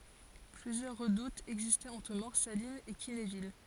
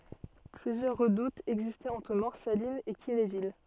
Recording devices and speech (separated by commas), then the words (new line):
forehead accelerometer, soft in-ear microphone, read sentence
Plusieurs redoutes existaient entre Morsalines et Quinéville.